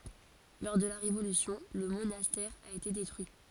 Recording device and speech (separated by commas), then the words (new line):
forehead accelerometer, read sentence
Lors de la Révolution, le monastère a été détruit.